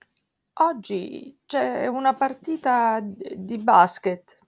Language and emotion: Italian, fearful